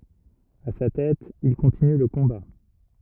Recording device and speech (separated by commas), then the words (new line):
rigid in-ear microphone, read sentence
À sa tête, il continue le combat.